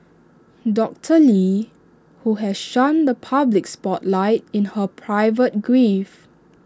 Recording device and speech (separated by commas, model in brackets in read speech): standing microphone (AKG C214), read sentence